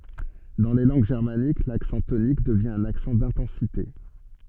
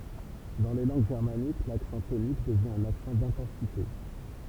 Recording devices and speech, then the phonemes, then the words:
soft in-ear microphone, temple vibration pickup, read sentence
dɑ̃ le lɑ̃ɡ ʒɛʁmanik laksɑ̃ tonik dəvjɛ̃ œ̃n aksɑ̃ dɛ̃tɑ̃site
Dans les langues germaniques, l'accent tonique devient un accent d'intensité.

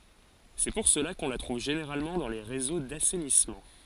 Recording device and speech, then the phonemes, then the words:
forehead accelerometer, read sentence
sɛ puʁ səla kɔ̃ la tʁuv ʒeneʁalmɑ̃ dɑ̃ le ʁezo dasɛnismɑ̃
C'est pour cela qu'on la trouve généralement dans les réseaux d'assainissement.

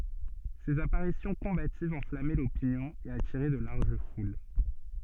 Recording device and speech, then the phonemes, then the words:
soft in-ear microphone, read sentence
sez apaʁisjɔ̃ kɔ̃bativz ɑ̃flamɛ lopinjɔ̃ e atiʁɛ də laʁʒ ful
Ses apparitions combatives enflammaient l'opinion et attiraient de larges foules.

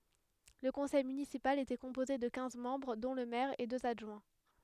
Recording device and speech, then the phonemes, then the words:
headset microphone, read sentence
lə kɔ̃sɛj mynisipal etɛ kɔ̃poze də kɛ̃z mɑ̃bʁ dɔ̃ lə mɛʁ e døz adʒwɛ̃
Le conseil municipal était composé de quinze membres dont le maire et deux adjoints.

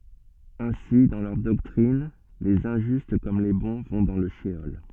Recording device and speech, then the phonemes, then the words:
soft in-ear microphone, read sentence
ɛ̃si dɑ̃ lœʁ dɔktʁin lez ɛ̃ʒyst kɔm le bɔ̃ vɔ̃ dɑ̃ lə ʃəɔl
Ainsi, dans leur doctrine, les injustes comme les bons vont dans le sheol.

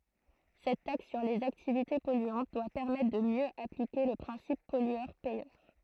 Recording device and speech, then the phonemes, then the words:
throat microphone, read sentence
sɛt taks syʁ lez aktivite pɔlyɑ̃t dwa pɛʁmɛtʁ də mjø aplike lə pʁɛ̃sip pɔlyœʁ pɛjœʁ
Cette taxe sur les activités polluantes doit permettre de mieux appliquer le principe pollueur-payeur.

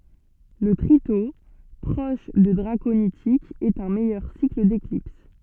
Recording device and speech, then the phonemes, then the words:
soft in-ear microphone, read sentence
lə tʁito pʁɔʃ də dʁakonitikz ɛt œ̃ mɛjœʁ sikl deklips
Le tritos, proche de draconitiques, est un meilleur cycle d'éclipse.

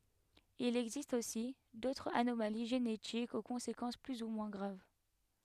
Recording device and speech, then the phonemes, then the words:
headset microphone, read sentence
il ɛɡzist osi dotʁz anomali ʒenetikz o kɔ̃sekɑ̃s ply u mwɛ̃ ɡʁav
Il existe aussi d'autres anomalies génétiques aux conséquences plus ou moins graves.

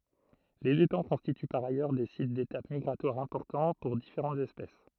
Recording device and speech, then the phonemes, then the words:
throat microphone, read sentence
lez etɑ̃ kɔ̃stity paʁ ajœʁ de sit detap miɡʁatwaʁ ɛ̃pɔʁtɑ̃ puʁ difeʁɑ̃tz ɛspɛs
Les étangs constituent par ailleurs des sites d'étape migratoire importants pour différentes espèces.

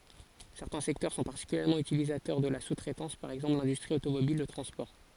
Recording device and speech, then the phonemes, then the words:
forehead accelerometer, read sentence
sɛʁtɛ̃ sɛktœʁ sɔ̃ paʁtikyljɛʁmɑ̃ ytilizatœʁ də la su tʁɛtɑ̃s paʁ ɛɡzɑ̃pl lɛ̃dystʁi otomobil lə tʁɑ̃spɔʁ
Certains secteurs sont particulièrement utilisateurs de la sous-traitance, par exemple l'industrie automobile, le transport.

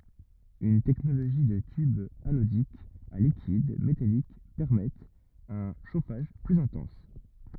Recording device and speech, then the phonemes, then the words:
rigid in-ear microphone, read sentence
yn tɛknoloʒi də tybz anodikz a likid metalik pɛʁmɛtt œ̃ ʃofaʒ plyz ɛ̃tɑ̃s
Une technologie de tubes anodiques à liquide métalliques permettent un chauffage plus intense.

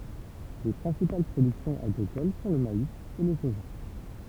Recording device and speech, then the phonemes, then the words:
temple vibration pickup, read sentence
le pʁɛ̃sipal pʁodyksjɔ̃z aɡʁikol sɔ̃ lə mais e lə soʒa
Les principales productions agricoles sont le maïs et le soja.

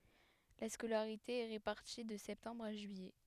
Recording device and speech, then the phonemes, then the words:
headset microphone, read sentence
la skolaʁite ɛ ʁepaʁti də sɛptɑ̃bʁ a ʒyijɛ
La scolarité est répartie de septembre à juillet.

